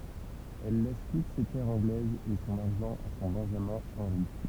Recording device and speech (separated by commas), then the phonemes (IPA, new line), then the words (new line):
temple vibration pickup, read sentence
ɛl lɛs tut se tɛʁz ɑ̃ɡlɛzz e sɔ̃n aʁʒɑ̃ a sɔ̃ bɛ̃ʒamɛ̃ ɑ̃ʁi
Elle laisse toutes ses terres anglaises et son argent à son benjamin Henri.